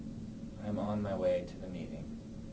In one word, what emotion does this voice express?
neutral